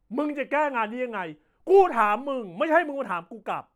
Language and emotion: Thai, angry